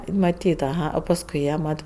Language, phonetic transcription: Lithuanian, maˈtyt aˈha o pasˈkui jie ˈmat

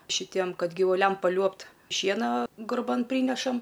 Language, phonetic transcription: Lithuanian, šiˈtiem ˈkad givuˈliam paˈliuobt ˈšiena gurˈban ˈprynešam

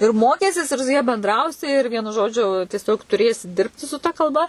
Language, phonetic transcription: Lithuanian, ir ˈmokysies ir su ja benˈdrausi ir ˈvienu ˈžodžiu tieˈsiog tuˈrėsi ˈdirbti su ta kalˈba

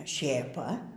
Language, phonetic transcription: Lithuanian, šėˈpa

